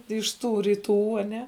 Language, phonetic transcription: Lithuanian, iš ˈtų ryˈtų aˈne

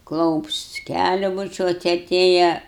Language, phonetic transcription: Lithuanian, ˈklaups ˈkæliu buˈčiuot aˈtėja

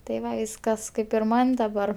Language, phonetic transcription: Lithuanian, tai ˈva ˈkas ˈkaip ir ˈman' daˈbar

